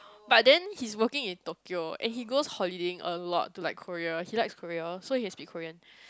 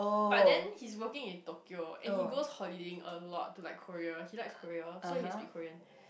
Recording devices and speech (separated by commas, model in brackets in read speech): close-talking microphone, boundary microphone, conversation in the same room